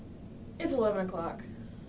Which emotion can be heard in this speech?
neutral